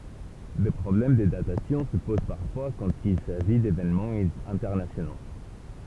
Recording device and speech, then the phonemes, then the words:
temple vibration pickup, read sentence
de pʁɔblɛm də datasjɔ̃ sə poz paʁfwa kɑ̃t il saʒi devenmɑ̃z ɛ̃tɛʁnasjono
Des problèmes de datation se posent parfois quand il s'agit d'événements internationaux.

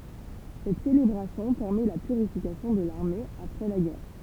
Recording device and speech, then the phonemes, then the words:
temple vibration pickup, read sentence
sɛt selebʁasjɔ̃ pɛʁmɛ la pyʁifikasjɔ̃ də laʁme apʁɛ la ɡɛʁ
Cette célébration permet la purification de l'armée après la guerre.

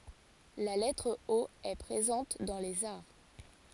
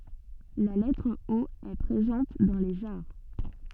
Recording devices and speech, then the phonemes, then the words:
forehead accelerometer, soft in-ear microphone, read sentence
la lɛtʁ o ɛ pʁezɑ̃t dɑ̃ lez aʁ
La lettre O est présente dans les arts.

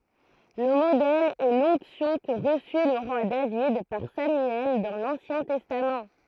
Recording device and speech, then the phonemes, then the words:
throat microphone, read sentence
lə modɛl ɛ lɔ̃ksjɔ̃ kə ʁəsy lə ʁwa david paʁ samyɛl dɑ̃ lɑ̃sjɛ̃ tɛstam
Le modèle est l'onction que reçut le roi David par Samuel dans l'Ancien Testament.

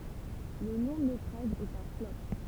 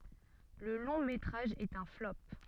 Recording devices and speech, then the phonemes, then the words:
temple vibration pickup, soft in-ear microphone, read sentence
lə lɔ̃ metʁaʒ ɛt œ̃ flɔp
Le long métrage est un flop.

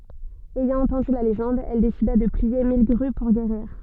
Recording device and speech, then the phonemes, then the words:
soft in-ear microphone, read sentence
ɛjɑ̃ ɑ̃tɑ̃dy la leʒɑ̃d ɛl desida də plie mil ɡʁy puʁ ɡeʁiʁ
Ayant entendu la légende, elle décida de plier mille grues pour guérir.

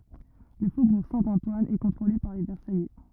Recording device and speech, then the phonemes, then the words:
rigid in-ear microphone, read sentence
lə fobuʁ sɛ̃tɑ̃twan ɛ kɔ̃tʁole paʁ le vɛʁsajɛ
Le faubourg Saint-Antoine est contrôlé par les Versaillais.

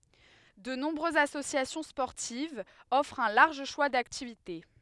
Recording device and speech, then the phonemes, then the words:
headset microphone, read sentence
də nɔ̃bʁøzz asosjasjɔ̃ spɔʁtivz ɔfʁt œ̃ laʁʒ ʃwa daktivite
De nombreuses associations sportives offrent un large choix d'activités.

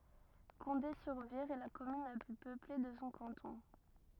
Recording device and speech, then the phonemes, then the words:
rigid in-ear microphone, read sentence
kɔ̃de syʁ viʁ ɛ la kɔmyn la ply pøple də sɔ̃ kɑ̃tɔ̃
Condé-sur-Vire est la commune la plus peuplée de son canton.

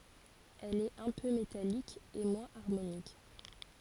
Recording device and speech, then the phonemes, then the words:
forehead accelerometer, read sentence
ɛl ɛt œ̃ pø metalik e mwɛ̃z aʁmonik
Elle est un peu métallique et moins harmonique.

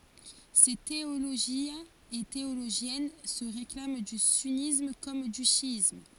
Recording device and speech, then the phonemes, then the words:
forehead accelerometer, read sentence
se teoloʒjɛ̃z e teoloʒjɛn sə ʁeklam dy synism kɔm dy ʃjism
Ces théologiens et théologiennes se réclament du sunnisme comme du chiisme.

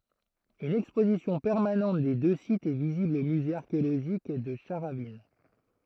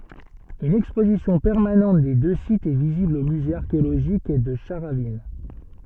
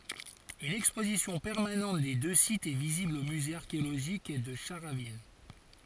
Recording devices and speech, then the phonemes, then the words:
throat microphone, soft in-ear microphone, forehead accelerometer, read sentence
yn ɛkspozisjɔ̃ pɛʁmanɑ̃t de dø sitz ɛ vizibl o myze aʁkeoloʒik də ʃaʁavin
Une exposition permanente des deux sites est visible au musée archéologique de Charavines.

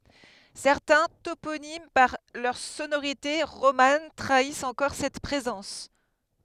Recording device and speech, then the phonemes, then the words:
headset microphone, read sentence
sɛʁtɛ̃ toponim paʁ lœʁ sonoʁite ʁoman tʁaist ɑ̃kɔʁ sɛt pʁezɑ̃s
Certains toponymes par leurs sonorités romanes trahissent encore cette présence.

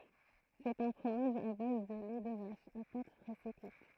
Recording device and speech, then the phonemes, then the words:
throat microphone, read sentence
sɛt œ̃ fʁomaʒ a baz də lɛ də vaʃ a pat pʁɛse kyit
C'est un fromage à base de lait de vache, à pâte pressée cuite.

